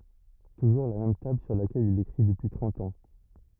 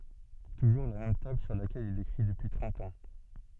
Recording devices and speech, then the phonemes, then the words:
rigid in-ear microphone, soft in-ear microphone, read sentence
tuʒuʁ la mɛm tabl syʁ lakɛl il ekʁi dəpyi tʁɑ̃t ɑ̃
Toujours la même table sur laquelle il écrit depuis trente ans.

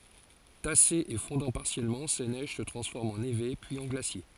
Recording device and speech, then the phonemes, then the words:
forehead accelerometer, read sentence
tasez e fɔ̃dɑ̃ paʁsjɛlmɑ̃ se nɛʒ sə tʁɑ̃sfɔʁmt ɑ̃ neve pyiz ɑ̃ ɡlasje
Tassées et fondant partiellement, ces neiges se transforment en névés puis en glaciers.

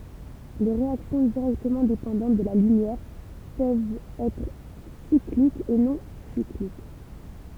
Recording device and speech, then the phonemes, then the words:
temple vibration pickup, read sentence
le ʁeaksjɔ̃ diʁɛktəmɑ̃ depɑ̃dɑ̃t də la lymjɛʁ pøvt ɛtʁ siklik u nɔ̃ siklik
Les réactions directement dépendantes de la lumière peuvent être cycliques ou non cycliques.

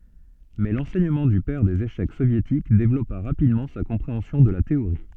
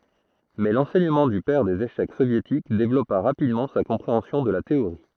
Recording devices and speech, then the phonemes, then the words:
soft in-ear microphone, throat microphone, read sentence
mɛ lɑ̃sɛɲəmɑ̃ dy pɛʁ dez eʃɛk sovjetik devlɔpa ʁapidmɑ̃ sa kɔ̃pʁeɑ̃sjɔ̃ də la teoʁi
Mais l'enseignement du père des échecs soviétiques développa rapidement sa compréhension de la théorie.

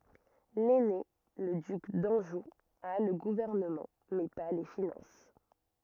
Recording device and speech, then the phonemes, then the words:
rigid in-ear microphone, read sentence
lɛne lə dyk dɑ̃ʒu a lə ɡuvɛʁnəmɑ̃ mɛ pa le finɑ̃s
L'aîné, le duc d'Anjou, a le gouvernement, mais pas les finances.

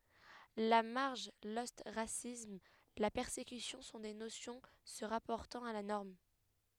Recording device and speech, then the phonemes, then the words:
headset microphone, read sentence
la maʁʒ lɔstʁasism la pɛʁsekysjɔ̃ sɔ̃ de nosjɔ̃ sə ʁapɔʁtɑ̃t a la nɔʁm
La marge, l'ostracisme, la persécution sont des notions se rapportant à la norme.

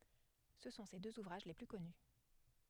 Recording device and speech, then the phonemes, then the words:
headset microphone, read sentence
sə sɔ̃ se døz uvʁaʒ le ply kɔny
Ce sont ses deux ouvrages les plus connus.

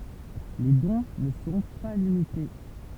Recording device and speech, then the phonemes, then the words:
temple vibration pickup, read sentence
le dɔ̃ nə sɔ̃ pa limite
Les dons ne sont pas limités.

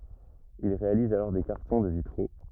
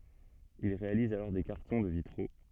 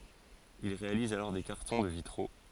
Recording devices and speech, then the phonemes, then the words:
rigid in-ear microphone, soft in-ear microphone, forehead accelerometer, read sentence
il ʁealiz alɔʁ de kaʁtɔ̃ də vitʁo
Il réalise alors des cartons de vitraux.

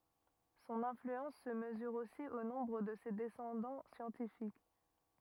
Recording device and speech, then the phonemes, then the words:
rigid in-ear microphone, read sentence
sɔ̃n ɛ̃flyɑ̃s sə məzyʁ osi o nɔ̃bʁ də se dɛsɑ̃dɑ̃ sjɑ̃tifik
Son influence se mesure aussi au nombre de ses descendants scientifiques.

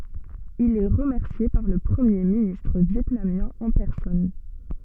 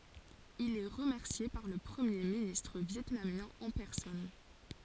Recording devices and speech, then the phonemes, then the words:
soft in-ear microphone, forehead accelerometer, read sentence
il ɛ ʁəmɛʁsje paʁ lə pʁəmje ministʁ vjɛtnamjɛ̃ ɑ̃ pɛʁsɔn
Il est remercié par le premier ministre vietnamien en personne.

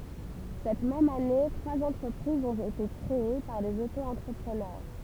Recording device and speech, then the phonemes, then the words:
temple vibration pickup, read sentence
sɛt mɛm ane tʁwaz ɑ̃tʁəpʁizz ɔ̃t ete kʁee paʁ dez oto ɑ̃tʁəpʁənœʁ
Cette même année, trois entreprises ont été créées par des auto-entrepreneurs.

